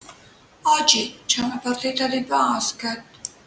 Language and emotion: Italian, sad